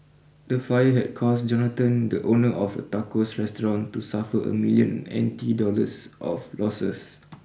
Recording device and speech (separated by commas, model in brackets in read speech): boundary microphone (BM630), read sentence